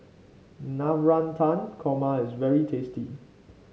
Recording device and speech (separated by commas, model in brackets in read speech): mobile phone (Samsung C5), read sentence